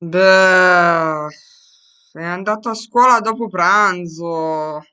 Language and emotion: Italian, disgusted